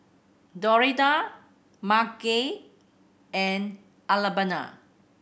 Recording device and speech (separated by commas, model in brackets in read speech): boundary microphone (BM630), read sentence